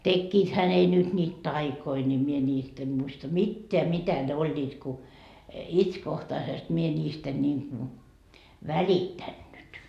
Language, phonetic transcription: Finnish, 'tekkiithä ne nyt ńiit "taikoi ńi mie ńiist ‿em muista "mitteä 'mitä ne 'oĺĺiit ku , "itskohtaisest mie ńiist ‿en niiŋ ku , välittännyt .
- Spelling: tekiväthän ne nyt niitä taikoja niin minä niistä en muista mitään mitä ne olivat kun itsekohtaisesti minä niistä en niin kuin välittänyt

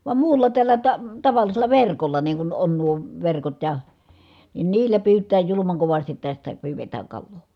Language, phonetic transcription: Finnish, vam muulla tällä ta- , tavallisela verkolla niiŋ kun on nuo , verkot ja , nin niillä pyyt̀ää julumaŋ kovastit tästä , pyyvetääŋ kalloo .
- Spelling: vaan muulla tällä - tavallisella verkolla niin kun on nuo verkot ja niin niillä pyytää julman kovasti tästä pyydetään kalaa

